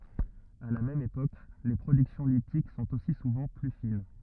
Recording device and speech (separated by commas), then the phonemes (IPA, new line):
rigid in-ear microphone, read sentence
a la mɛm epok le pʁodyksjɔ̃ litik sɔ̃t osi suvɑ̃ ply fin